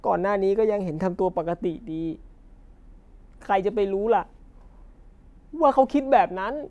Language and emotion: Thai, sad